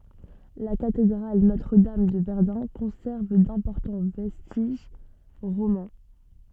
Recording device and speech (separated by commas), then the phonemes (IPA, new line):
soft in-ear microphone, read sentence
la katedʁal notʁədam də vɛʁdœ̃ kɔ̃sɛʁv dɛ̃pɔʁtɑ̃ vɛstiʒ ʁomɑ̃